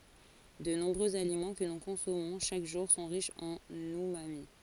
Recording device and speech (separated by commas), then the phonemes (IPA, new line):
forehead accelerometer, read sentence
də nɔ̃bʁøz alimɑ̃ kə nu kɔ̃sɔmɔ̃ ʃak ʒuʁ sɔ̃ ʁiʃz ɑ̃n ymami